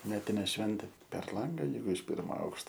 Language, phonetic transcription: Lithuanian, ˈmetinė ˈšventė per ˈlanga ˈjeigu iš ˈpirmo ˈaukšto

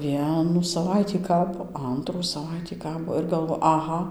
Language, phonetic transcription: Lithuanian, ˈvienų saˈvaitį ˈkabo ˈantrų saˈvaitį ˈkabo ir galˈvo aˈha

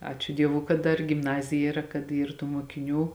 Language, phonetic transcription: Lithuanian, ˈačiu ˈdievū kad ˈdar gimˈnazija yˈra kad ˈyr tų muokiˈnių

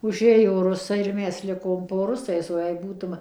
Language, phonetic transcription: Lithuanian, uˈžėjo ˈrusai ir ˈmes ˈlikom po ˈrusais o jei ˈbūtum

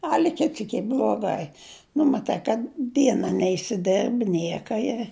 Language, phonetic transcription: Lithuanian, ˈali ˈkit ˈsyk ˈy bluoˈgai nu maˈtai kad ˈdiena neisiˈderbi ˈnieka i

